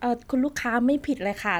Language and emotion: Thai, frustrated